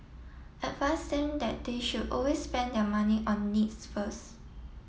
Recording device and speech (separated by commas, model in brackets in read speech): mobile phone (iPhone 7), read sentence